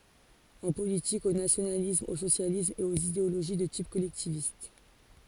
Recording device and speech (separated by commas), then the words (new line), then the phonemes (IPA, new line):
forehead accelerometer, read sentence
En politique, au nationalisme, au socialisme, et aux idéologies de type collectiviste.
ɑ̃ politik o nasjonalism o sosjalism e oz ideoloʒi də tip kɔlɛktivist